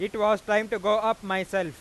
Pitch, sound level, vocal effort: 210 Hz, 102 dB SPL, very loud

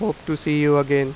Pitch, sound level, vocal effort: 150 Hz, 91 dB SPL, normal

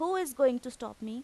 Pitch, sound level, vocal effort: 250 Hz, 91 dB SPL, loud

